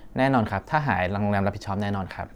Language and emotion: Thai, neutral